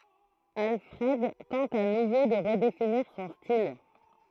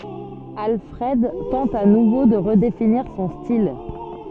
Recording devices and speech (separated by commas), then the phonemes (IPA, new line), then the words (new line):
throat microphone, soft in-ear microphone, read sentence
alfʁɛd tɑ̃t a nuvo də ʁədefiniʁ sɔ̃ stil
Alfred tente à nouveau de redéfinir son style.